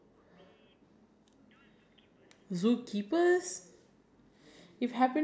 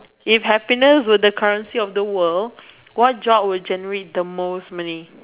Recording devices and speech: standing microphone, telephone, conversation in separate rooms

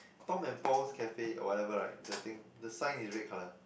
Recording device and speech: boundary microphone, conversation in the same room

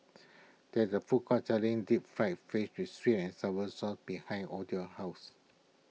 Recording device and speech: mobile phone (iPhone 6), read sentence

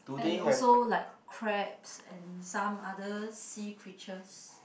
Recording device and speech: boundary microphone, conversation in the same room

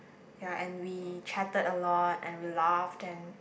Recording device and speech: boundary microphone, conversation in the same room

